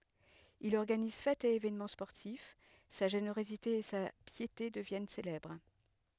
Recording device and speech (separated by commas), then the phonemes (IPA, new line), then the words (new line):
headset microphone, read sentence
il ɔʁɡaniz fɛtz e evɛnmɑ̃ spɔʁtif sa ʒeneʁozite e sa pjete dəvjɛn selɛbʁ
Il organise fêtes et évènements sportifs, sa générosité et sa piété deviennent célèbres.